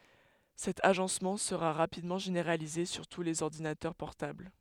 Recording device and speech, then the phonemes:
headset microphone, read sentence
sɛt aʒɑ̃smɑ̃ səʁa ʁapidmɑ̃ ʒeneʁalize syʁ tu lez ɔʁdinatœʁ pɔʁtabl

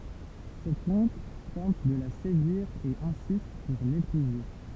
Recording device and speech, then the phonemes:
temple vibration pickup, read sentence
sɛt ɔ̃kl tɑ̃t də la sedyiʁ e ɛ̃sist puʁ lepuze

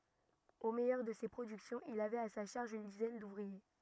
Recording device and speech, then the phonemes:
rigid in-ear microphone, read sentence
o mɛjœʁ də se pʁodyksjɔ̃z il avɛt a sa ʃaʁʒ yn dizɛn duvʁie

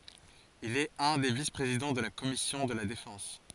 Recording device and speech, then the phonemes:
forehead accelerometer, read sentence
il ɛt œ̃ de vispʁezidɑ̃ də la kɔmisjɔ̃ də la defɑ̃s

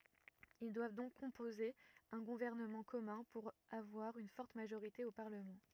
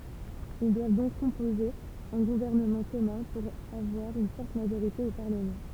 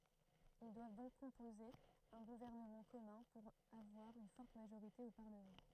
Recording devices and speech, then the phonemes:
rigid in-ear microphone, temple vibration pickup, throat microphone, read sentence
il dwav dɔ̃k kɔ̃poze œ̃ ɡuvɛʁnəmɑ̃ kɔmœ̃ puʁ avwaʁ yn fɔʁt maʒoʁite o paʁləmɑ̃

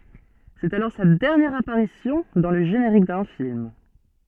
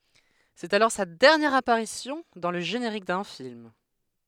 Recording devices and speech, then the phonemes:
soft in-ear microphone, headset microphone, read sentence
sɛt alɔʁ sa dɛʁnjɛʁ apaʁisjɔ̃ dɑ̃ lə ʒeneʁik dœ̃ film

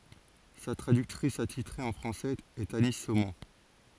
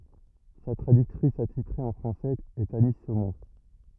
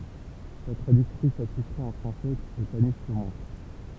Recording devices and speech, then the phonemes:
forehead accelerometer, rigid in-ear microphone, temple vibration pickup, read sentence
sa tʁadyktʁis atitʁe ɑ̃ fʁɑ̃sɛz ɛt ani somɔ̃

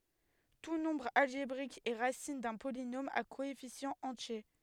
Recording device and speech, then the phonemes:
headset microphone, read sentence
tu nɔ̃bʁ alʒebʁik ɛ ʁasin dœ̃ polinom a koɛfisjɑ̃z ɑ̃tje

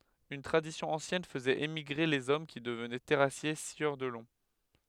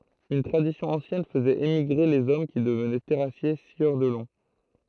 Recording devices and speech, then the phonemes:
headset microphone, throat microphone, read sentence
yn tʁadisjɔ̃ ɑ̃sjɛn fəzɛt emiɡʁe lez ɔm ki dəvnɛ tɛʁasje sjœʁ də lɔ̃

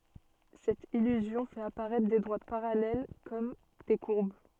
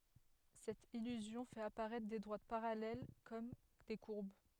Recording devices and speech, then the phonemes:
soft in-ear microphone, headset microphone, read sentence
sɛt ilyzjɔ̃ fɛt apaʁɛtʁ de dʁwat paʁalɛl kɔm de kuʁb

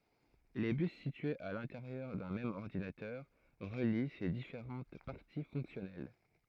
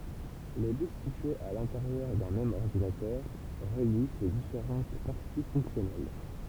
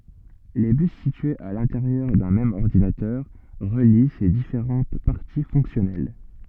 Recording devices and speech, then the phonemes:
throat microphone, temple vibration pickup, soft in-ear microphone, read sentence
le bys sityez a lɛ̃teʁjœʁ dœ̃ mɛm ɔʁdinatœʁ ʁəli se difeʁɑ̃t paʁti fɔ̃ksjɔnɛl

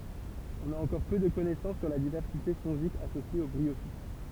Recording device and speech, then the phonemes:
temple vibration pickup, read sentence
ɔ̃n a ɑ̃kɔʁ pø də kɔnɛsɑ̃s syʁ la divɛʁsite fɔ̃ʒik asosje o bʁiofit

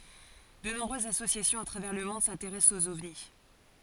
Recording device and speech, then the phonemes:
forehead accelerometer, read sentence
də nɔ̃bʁøzz asosjasjɔ̃z a tʁavɛʁ lə mɔ̃d sɛ̃teʁɛst oz ɔvni

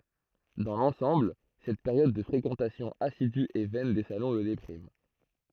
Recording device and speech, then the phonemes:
throat microphone, read sentence
dɑ̃ lɑ̃sɑ̃bl sɛt peʁjɔd də fʁekɑ̃tasjɔ̃ asidy e vɛn de salɔ̃ lə depʁim

